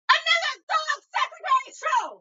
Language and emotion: English, angry